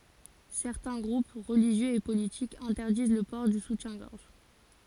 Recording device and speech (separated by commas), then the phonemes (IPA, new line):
forehead accelerometer, read sentence
sɛʁtɛ̃ ɡʁup ʁəliʒjøz e politikz ɛ̃tɛʁdiz lə pɔʁ dy sutjɛ̃ɡɔʁʒ